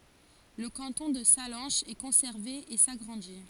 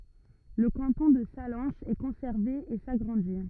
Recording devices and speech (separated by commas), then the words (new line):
forehead accelerometer, rigid in-ear microphone, read sentence
Le canton de Sallanches est conservé et s'agrandit.